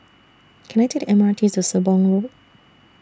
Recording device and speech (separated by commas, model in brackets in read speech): standing microphone (AKG C214), read sentence